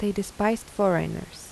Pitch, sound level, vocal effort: 205 Hz, 81 dB SPL, soft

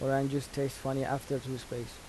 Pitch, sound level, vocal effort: 135 Hz, 82 dB SPL, soft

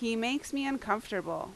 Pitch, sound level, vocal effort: 230 Hz, 85 dB SPL, very loud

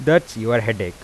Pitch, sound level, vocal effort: 115 Hz, 88 dB SPL, normal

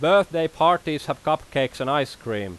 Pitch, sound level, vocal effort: 145 Hz, 94 dB SPL, very loud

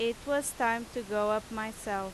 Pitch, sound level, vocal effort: 225 Hz, 90 dB SPL, very loud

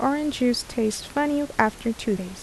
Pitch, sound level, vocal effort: 240 Hz, 76 dB SPL, soft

